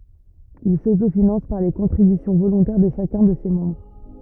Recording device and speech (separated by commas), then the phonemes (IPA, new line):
rigid in-ear microphone, read sentence
il sotofinɑ̃s paʁ le kɔ̃tʁibysjɔ̃ volɔ̃tɛʁ də ʃakœ̃ də se mɑ̃bʁ